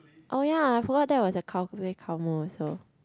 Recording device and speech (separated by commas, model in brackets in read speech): close-talking microphone, conversation in the same room